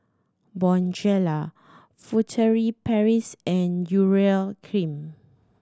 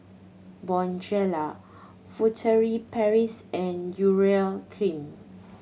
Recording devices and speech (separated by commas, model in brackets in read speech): standing microphone (AKG C214), mobile phone (Samsung C7100), read sentence